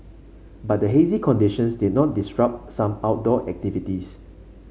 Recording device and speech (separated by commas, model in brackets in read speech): mobile phone (Samsung C5), read sentence